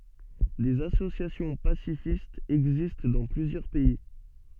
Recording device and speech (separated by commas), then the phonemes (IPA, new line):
soft in-ear microphone, read sentence
dez asosjasjɔ̃ pasifistz ɛɡzist dɑ̃ plyzjœʁ pɛi